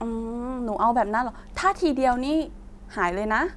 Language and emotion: Thai, neutral